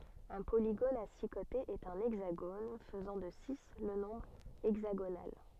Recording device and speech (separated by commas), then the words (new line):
soft in-ear microphone, read sentence
Un polygone à six côtés est un hexagone, faisant de six le nombre hexagonal.